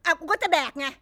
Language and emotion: Thai, angry